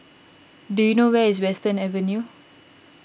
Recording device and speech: boundary microphone (BM630), read sentence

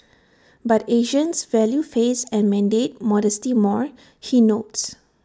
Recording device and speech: standing microphone (AKG C214), read sentence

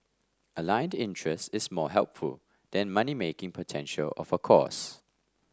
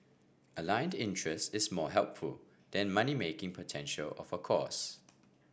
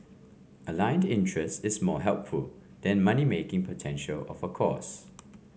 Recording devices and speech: standing microphone (AKG C214), boundary microphone (BM630), mobile phone (Samsung C5), read sentence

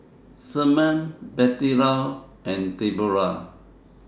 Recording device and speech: standing microphone (AKG C214), read sentence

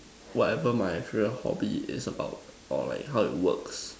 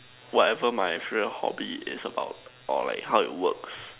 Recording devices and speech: standing microphone, telephone, conversation in separate rooms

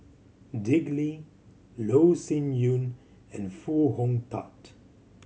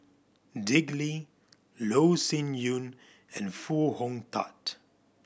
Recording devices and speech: mobile phone (Samsung C7100), boundary microphone (BM630), read sentence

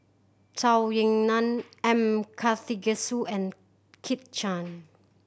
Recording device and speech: boundary microphone (BM630), read sentence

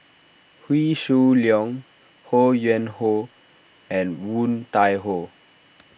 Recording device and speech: boundary microphone (BM630), read sentence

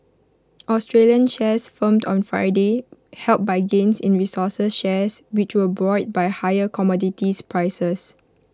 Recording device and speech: close-talking microphone (WH20), read sentence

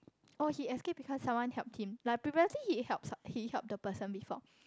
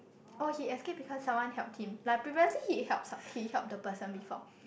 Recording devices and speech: close-talking microphone, boundary microphone, conversation in the same room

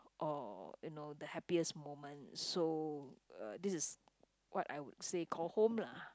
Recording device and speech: close-talking microphone, conversation in the same room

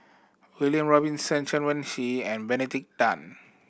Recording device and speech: boundary microphone (BM630), read sentence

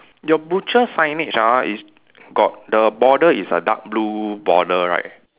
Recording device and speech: telephone, conversation in separate rooms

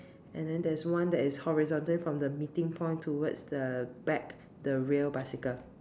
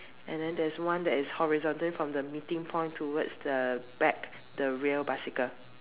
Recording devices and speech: standing microphone, telephone, conversation in separate rooms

